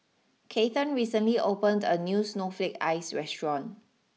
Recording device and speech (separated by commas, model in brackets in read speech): mobile phone (iPhone 6), read sentence